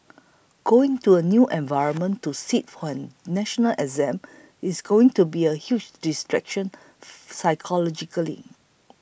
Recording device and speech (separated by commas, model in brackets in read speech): boundary microphone (BM630), read sentence